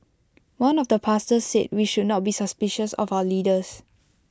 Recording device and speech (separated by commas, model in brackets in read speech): close-talking microphone (WH20), read sentence